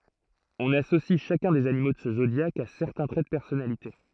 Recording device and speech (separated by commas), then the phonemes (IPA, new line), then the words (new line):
throat microphone, read sentence
ɔ̃n asosi ʃakœ̃ dez animo də sə zodjak a sɛʁtɛ̃ tʁɛ də pɛʁsɔnalite
On associe chacun des animaux de ce zodiaque à certains traits de personnalité.